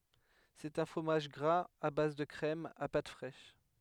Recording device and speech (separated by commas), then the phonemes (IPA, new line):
headset microphone, read sentence
sɛt œ̃ fʁomaʒ ɡʁaz a baz də kʁɛm a pat fʁɛʃ